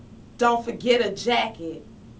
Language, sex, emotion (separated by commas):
English, female, disgusted